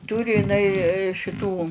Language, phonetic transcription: Lithuanian, ˈturi iˈnai šiˈtų

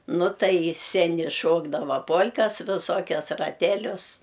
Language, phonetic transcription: Lithuanian, ˈnu ˈtai i seˈni ˈšokdava ˈpol'kas viˈsokias raˈtelius

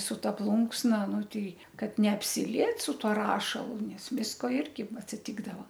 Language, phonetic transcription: Lithuanian, su ˈta ˈplunksna ˈnu ˈtei ˈkad neapsiˈliet su ˈtuo ˈrašalu ˈnes ˈvisko ˈirgi atsiˈtikdavo

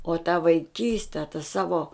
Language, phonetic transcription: Lithuanian, o ta vaiˈkyste ta ˈsavo

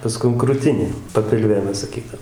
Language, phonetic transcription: Lithuanian, paˈskum kruˈtinė papilˈvė ˈmes saˈkydavom

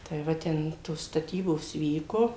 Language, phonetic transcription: Lithuanian, tai ˈva ˈten tos staˈtybos ˈvyko

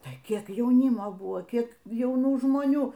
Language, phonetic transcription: Lithuanian, tai ˈkiek jauˈnimo ˈbuvo ˈkiek jauˈnų žmoˈnių

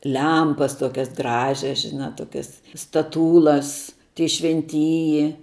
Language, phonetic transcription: Lithuanian, ˈlempas ˈtokias ˈgražias žiˈna ˈtokias staˈtūlas tie švenˈtyji

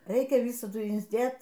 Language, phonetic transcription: Lithuanian, ˈreikia ˈvysadu insˈdėt

